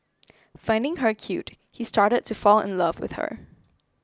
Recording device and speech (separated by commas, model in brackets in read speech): close-talking microphone (WH20), read sentence